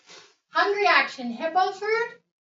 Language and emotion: English, neutral